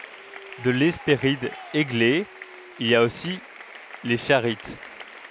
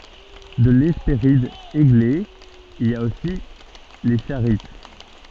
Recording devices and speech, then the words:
headset microphone, soft in-ear microphone, read sentence
De l'Hespéride Églé, il a aussi les Charites.

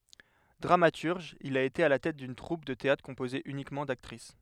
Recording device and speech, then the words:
headset microphone, read sentence
Dramaturge, il a été à la tête d'une troupe de théâtre composée uniquement d'actrices.

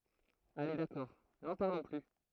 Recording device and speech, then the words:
throat microphone, read sentence
Allez d’accord, n’en parlons plus.

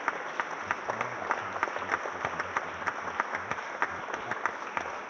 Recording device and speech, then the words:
rigid in-ear microphone, read sentence
Le premier est la traversée des couches basses de l'atmosphère, la troposphère.

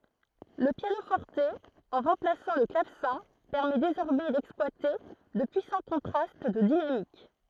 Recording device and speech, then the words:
throat microphone, read sentence
Le piano-forte, en remplaçant le clavecin, permet désormais d'exploiter de puissants contrastes de dynamique.

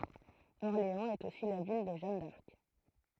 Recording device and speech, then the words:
throat microphone, read sentence
Orléans est aussi la ville de Jeanne d'Arc.

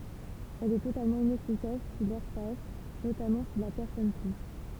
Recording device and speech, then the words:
temple vibration pickup, read sentence
Elle est totalement inefficace si l'air passe, notamment si la personne tousse.

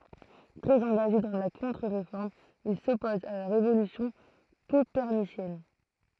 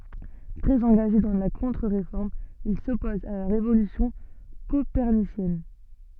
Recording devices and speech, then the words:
throat microphone, soft in-ear microphone, read sentence
Très engagés dans la Contre-Réforme, ils s'opposent à la révolution copernicienne.

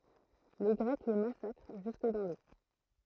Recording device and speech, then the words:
throat microphone, read sentence
Les Grecs les massacrent jusque dans l'eau.

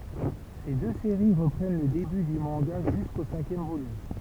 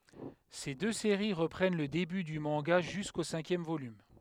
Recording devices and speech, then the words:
temple vibration pickup, headset microphone, read sentence
Ces deux séries reprennent le début du manga jusqu'au cinquième volume.

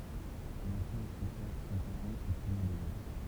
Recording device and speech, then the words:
temple vibration pickup, read sentence
Un enfant et son père sont parents au premier degré.

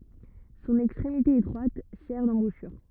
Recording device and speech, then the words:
rigid in-ear microphone, read sentence
Son extrémité étroite sert d'embouchure.

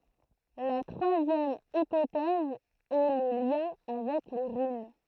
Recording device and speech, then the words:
throat microphone, read sentence
La troisième hypothèse est le lien avec les runes.

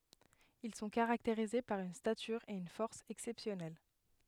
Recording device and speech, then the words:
headset microphone, read sentence
Ils sont caractérisés par une stature et une force exceptionnelle.

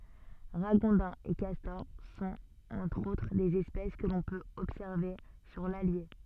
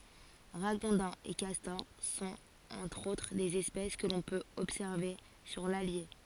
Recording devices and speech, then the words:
soft in-ear microphone, forehead accelerometer, read sentence
Ragondins et castors sont, entre autres, des espèces que l’on peut observer sur l’Allier.

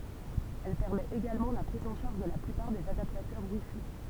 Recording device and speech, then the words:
temple vibration pickup, read sentence
Elle permet également la prise en charge de la plupart des adaptateurs WiFi.

